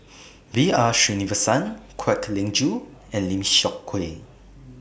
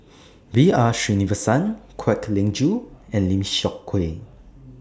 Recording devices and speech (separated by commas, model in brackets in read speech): boundary microphone (BM630), standing microphone (AKG C214), read sentence